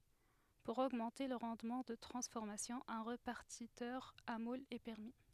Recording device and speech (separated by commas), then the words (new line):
headset microphone, read sentence
Pour augmenter le rendement de transformation, un répartiteur à moules est permis.